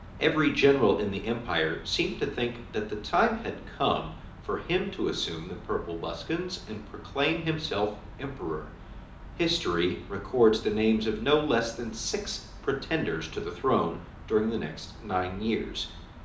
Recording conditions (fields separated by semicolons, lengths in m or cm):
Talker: one person; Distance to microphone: 2.0 m; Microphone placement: close; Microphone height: 99 cm; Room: medium-sized (5.7 m by 4.0 m); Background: none